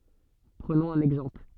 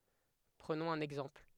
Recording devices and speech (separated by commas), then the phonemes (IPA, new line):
soft in-ear microphone, headset microphone, read sentence
pʁənɔ̃z œ̃n ɛɡzɑ̃pl